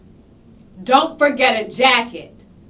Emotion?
angry